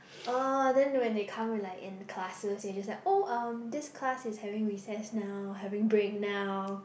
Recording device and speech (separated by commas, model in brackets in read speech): boundary microphone, conversation in the same room